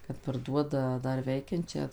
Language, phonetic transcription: Lithuanian, kad parˈduoda ˈdar ˈveikiančią

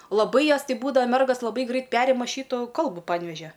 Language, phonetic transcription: Lithuanian, laˈbai ˈjos ˈti ˈbūdava ˈmergas laˈbai ˈgrait ˈperima ˈšytu ˈkalbu panˈvežia

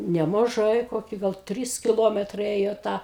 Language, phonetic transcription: Lithuanian, nemaˈžai ˈkoki gal ˈtrys kiˈlometrai ˈėjo ˈta

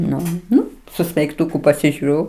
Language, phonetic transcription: Lithuanian, ˈnu ˈnu su smeigˈtuku pasižiuˈriu

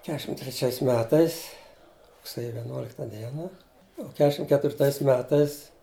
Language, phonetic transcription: Lithuanian, ˈkešim treˈčiais ˈmetais rugˈsėju veˈnuolikta ˈdiena u ˈkešim ketvirˈtais ˈmetais

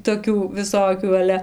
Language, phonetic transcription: Lithuanian, toˈkių viˈsokių aˈle

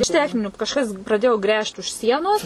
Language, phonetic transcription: Lithuanian, iš ˈtechninių kažˈkas praˈdėjo ˈgręžt už ˈsienos

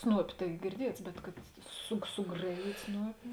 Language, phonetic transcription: Lithuanian, ˈsnuopi tai girˈdiets bet kad su suˈgraˌjyt' ˈsnuopi

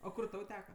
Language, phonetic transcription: Lithuanian, o ˈkur ˈtau ˈteka

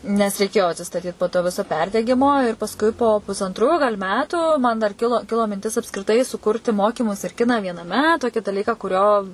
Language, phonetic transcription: Lithuanian, nes reiˈkėjo atsistaˈtyt po to ˈviso ˈperdegimo ir pasˈkui po pusanˈtrų gal' ˈmetų man dar ˈkilo ˈkilo minˈtis apskriˈtai suˈkurti ˈmokimus ir ˈkiną vienaˈme ˈtoki daˈlyką kuˈrio

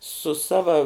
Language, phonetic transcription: Lithuanian, su ˈsava

